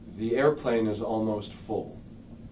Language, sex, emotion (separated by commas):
English, male, neutral